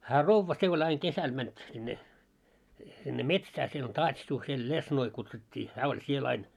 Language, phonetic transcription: Finnish, hää "rovva se ol ‿aiŋ "kesäl mänt sinne , sinne 'metsää siel ‿om ("taats̆tuhheil) "lesnoi kutsut́t́ii , 'hää oĺ 'siel ‿ain .
- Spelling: hän rouva se oli aina kesällä meni sinne sinne metsään siellä on taatsuhheil lesnoi kutsuttiin hän oli siellä aina

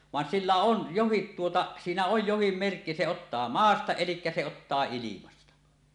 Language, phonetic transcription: Finnish, van 'sillä "on , 'johit tuota , siinä oj 'johim 'merkki se ottaa "maasta elikkä se ottaa 'ilimasta .
- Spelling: vaan sillä on jokin tuota siinä on jokin merkki se ottaa maasta eli se ottaa ilmasta

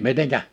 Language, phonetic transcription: Finnish, 'miteŋkä ?
- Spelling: miten

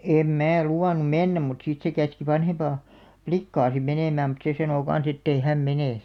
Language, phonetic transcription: Finnish, 'em 'mää 'luwan̆num̆§ 'mennäm mut sit se käski 'vanhempaa , "plikkaa sim 'menèmääm mut 'se sanò 'kan̬s ‿ettei "häm 'menè .
- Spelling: en minä luvannut mennä mutta sitten se käski vanhempaa likkaa sitten menemään mutta se sanoi kanssa että ei hän mene

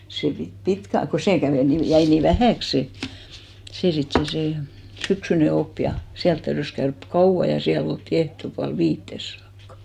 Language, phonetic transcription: Finnish, se pit 'pitkä , ko 'sè kävè 'ni , 'jäi ni "vähä̀ks 'se , 'sè 'sit se se 'syksyne 'op ja , 'siält täyrys käörk "kauʷa ja 'siäl ‿oltti 'ehtopual "viittes saakkᴀ .
- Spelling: se piti pitkään kun se kävi niin jäi niin vähäksi se se sitten se se syksyinen oppi ja siellä täytyi käydä kauan ja siellä oltiin ehtoopuoli viiteen saakka

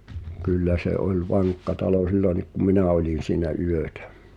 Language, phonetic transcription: Finnish, 'kyllä se '’ol "vaŋkka talo 'sillonik ku "minä̀ oĺin̬ siinä 'yötᴀ̈ .
- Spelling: kyllä se oli vankka talo silloinkin kun minä olin siinä yötä

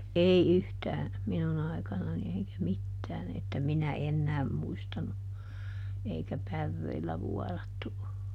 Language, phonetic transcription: Finnish, ˈei ˈyhtään̬ , "minuˈn ‿ai̮kanani eikä "mittään että ˈminä "ennääm muistanu , ˈeikä "pärreillä ˈvuɔrattu o .
- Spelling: ei yhtään minun aikanani eikä mitään että minä enää muistanut eikä päreillä vuorattu ole

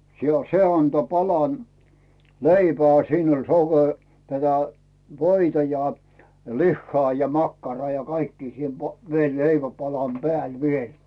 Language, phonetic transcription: Finnish, si- , "se anto 'palan , "leipää siin ‿oĺ soke- , tätä 'voita ja , 'lihhaa ja 'makkaraa ja 'kaikkii siin po- , vie 'leiväpalam "pᵉä̀l 'viel .
- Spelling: - se antoi palan leipää siinä oli - tätä voita ja lihaa ja makkaraa ja kaikkia siinä - vielä leivänpalan päällä vielä

